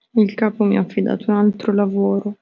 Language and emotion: Italian, sad